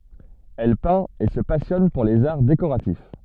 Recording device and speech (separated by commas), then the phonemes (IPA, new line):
soft in-ear microphone, read sentence
ɛl pɛ̃t e sə pasjɔn puʁ lez aʁ dekoʁatif